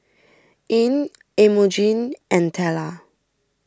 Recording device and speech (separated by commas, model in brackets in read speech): standing microphone (AKG C214), read sentence